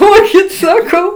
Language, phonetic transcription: Lithuanian, ˈduokit saˈkau

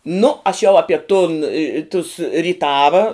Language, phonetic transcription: Lithuanian, nu aš jau ˈapie tun i i tus ryˈtava

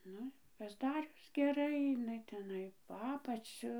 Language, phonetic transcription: Lithuanian, ˈnu i pasˈdarius geˈrai iˈnai teˈnai po ˈapaciu

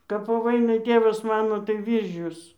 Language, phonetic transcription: Lithuanian, kap po ˈvainai ˈtėvas ˈmano tai ˈvyržius

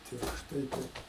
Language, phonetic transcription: Lithuanian, tiršˈtai ˈtaip

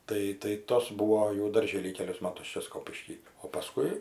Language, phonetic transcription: Lithuanian, ˈtai tai ˈtos ˈbūo jau darˈžėly ˈkelius ˈmatus ˈčia ˈskopišky o paˈskui

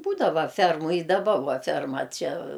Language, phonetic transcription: Lithuanian, ˈbūdava ˈfermu i daˈba ˈva ˈferma ˈčia

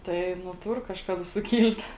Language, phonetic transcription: Lithuanian, ˈtai nu ˈtur kažˈkada suˈkyl't'

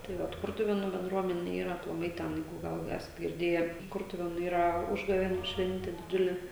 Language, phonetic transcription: Lithuanian, tai ˈvat ˈkurtuvėnų benˈdruomene ˈyra aplaˈmai ˈtenai ˈgal ˈesat girˈdėje ˈkurtuvėnu ˈyra ˈužgavėnių ˈšvente diˈdžiule

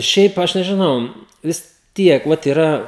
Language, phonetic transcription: Lithuanian, ˈšiaip ˈaš nežiˈnau vis ˈtiek ˈvat yˈra

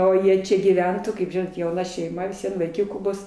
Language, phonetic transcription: Lithuanian, o ˈjie ˈčia gyˈventu kaip ˈžinot jauˈna šeiˈma vis ˈvien vaiˈkiukų ˈbus

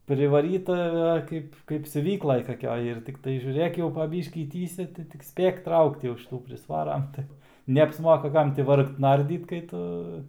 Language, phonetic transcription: Lithuanian, privaˈryta ˈkaip kaip siuˈvyklaj kaˈkioj ir ˈtiktai žiūˈrėk jau pa ˈbyškį ˈtįsia tai tik ˈspėk ˈtraukt jau šiˈtų prisˈvaram tai neapsˈmoka ˈkam ti ˈvargt ˈnardyt kai ˈtu

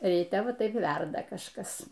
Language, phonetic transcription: Lithuanian, ryˈte ˈva ˈtaip ˈverda kažˈkas

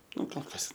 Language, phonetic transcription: Lithuanian, ˈnu kol ˈkas

